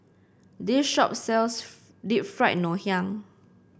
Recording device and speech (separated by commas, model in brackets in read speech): boundary microphone (BM630), read sentence